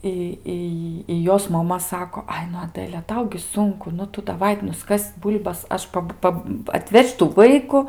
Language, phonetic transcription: Lithuanian, ˈi ˈi i ˈjos maˈma ˈsako ˈai nu aˈdəlia ˈtau gi ˈsunku ˈnu ˈtu daˈvai nuˈskas' ˈbūl'bas ˈaš ˈpab ˈpab atˈveš' tų ˈvaiku

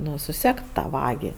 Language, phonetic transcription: Lithuanian, ˈnu suˈsekt ˈtą ˈvagi

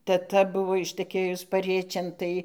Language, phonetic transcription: Lithuanian, teˈta ˈbuvo ištəˈkėjus paˈriečėn ˈtai

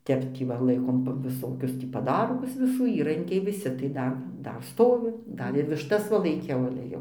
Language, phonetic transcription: Lithuanian, ˈtep ˈtį va ˈlaikom viˈsokius tį paˈdargus viˈsų ˈįrankiai viˈsi tai ˈdar ˈdar ˈstovi ˈdar ir višˈtas va laiˈkiau ale ˈjau

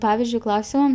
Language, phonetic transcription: Lithuanian, ˈpavizdžiui ˈklausiom

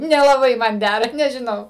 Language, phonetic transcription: Lithuanian, nelaˈbai ˈman ˈdæra nežiˈnau

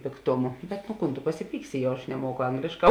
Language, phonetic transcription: Lithuanian, pėkˈtomu bet nu ˈkūn tu pasiˈpyksi jau aš neˈmuoku ˈanglėšˌkā

